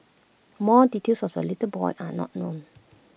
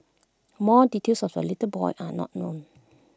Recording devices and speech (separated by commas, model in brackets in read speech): boundary microphone (BM630), close-talking microphone (WH20), read sentence